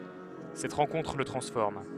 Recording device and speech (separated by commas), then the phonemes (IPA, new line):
headset microphone, read sentence
sɛt ʁɑ̃kɔ̃tʁ lə tʁɑ̃sfɔʁm